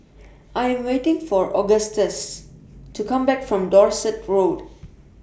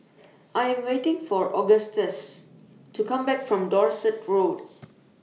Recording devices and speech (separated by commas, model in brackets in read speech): boundary microphone (BM630), mobile phone (iPhone 6), read sentence